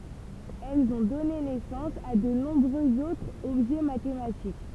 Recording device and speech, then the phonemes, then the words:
temple vibration pickup, read sentence
ɛlz ɔ̃ dɔne nɛsɑ̃s a də nɔ̃bʁøz otʁz ɔbʒɛ matematik
Elles ont donné naissance à de nombreux autres objets mathématiques.

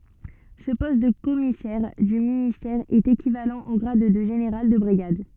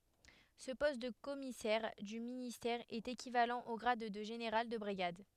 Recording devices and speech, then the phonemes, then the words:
soft in-ear microphone, headset microphone, read sentence
sə pɔst də kɔmisɛʁ dy ministɛʁ ɛt ekivalɑ̃ o ɡʁad də ʒeneʁal də bʁiɡad
Ce poste de commissaire du ministère est équivalent au grade de général de brigade.

